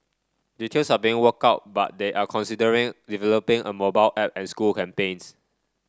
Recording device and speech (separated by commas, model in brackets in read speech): standing microphone (AKG C214), read sentence